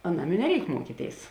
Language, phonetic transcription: Lithuanian, aˈnam i neˈreik ˈmuokyˌtėis

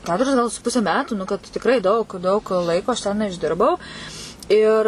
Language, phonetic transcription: Lithuanian, ˈketuris gal su ˈpuse ˈmetų nu kad tikˈrai daug daug ˈlaiko aš ˈten išˈdirbau ir

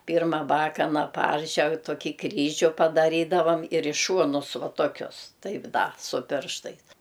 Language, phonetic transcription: Lithuanian, ˈpirma ˈbakana ˈparžeg toˈkį ˈkryžiu padaˈrydavam ir i ˈšuonus ˈva toˈkius ˈtaip ˈda su ˈpirštais

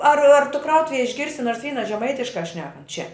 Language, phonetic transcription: Lithuanian, ar ar tu ˈkrautuvej išˈgirsi ˈnors ˈvyna žeˈmaitiškā ˈšnekant čia

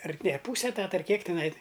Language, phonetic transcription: Lithuanian, ar ne ˈpūse eˈtata ar ˈkiek tiˈnai

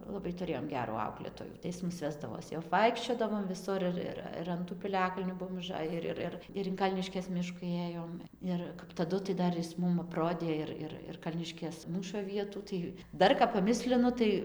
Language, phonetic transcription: Lithuanian, laˈbai tuˈrėjom ˈgerų ˈauklėtojų tai ˈjis ˈmus ˈvesdavos jau apˈvaikščiodavom viˈsur ir ˈir ir an ˈtų piˈliakalnių ˈbuom uˈžaji ˈir ˈir ˈir ir in ˈkalniškės ˈmišku ˈėjom ˈir kap taˈdu tai ˈdar jis ˈmum apˈrodė ir ˈir ir ˈkalniškės ˈmūšo ˈvietų ˈtai ˈdar kap paˈmislinu ˈtai

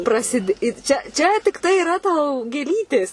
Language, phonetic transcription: Lithuanian, praˈsidė ir ˈčia ˈčia tikˈtai iˈra tau gėˈlytės

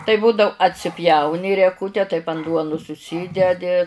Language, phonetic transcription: Lithuanian, tai ˈbūdau atsiˈpjauni rieˈkute taip an ˈduonus užˈsydedi

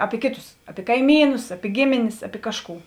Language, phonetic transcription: Lithuanian, ˈapi ˈkėˌtus ˈapi kaiˈmynus ˈapi ˈgėmėnės ˈapi ˈkažˌkų

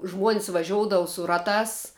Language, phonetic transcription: Lithuanian, žmuon's' vaˈžioudavo su ˈratās

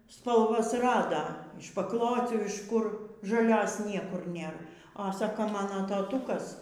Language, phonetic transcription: Lithuanian, spalˈvas ˈrada iš pakˈlocių iš ˈkur žaˈlios ˈniekur ˈnėr a ˈsako ˈmano taˈtūkas

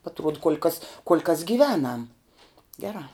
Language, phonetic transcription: Lithuanian, atˈruod kuol' kas kuol' kas giˈvenam ˈgerā

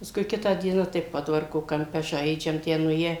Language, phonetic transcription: Lithuanian, paˈskui ˈkitą ˈdieną tai ˈpodvarko kamˈpe žaidžiam ˈtę nuˈėje

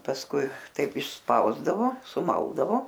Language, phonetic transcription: Lithuanian, pasˈkui ˈtaip išˈspausdavo suˈmaldavo

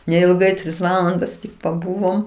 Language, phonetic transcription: Lithuanian, neilˈgai ˈtris ˈvalandas tik paˈbūvom

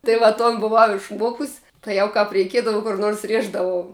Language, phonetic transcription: Lithuanian, tai ˈva ˈton buˈvau išˈmuokus' tai ˈjau kap reiˈkiedava kur nors ˈrieždavau

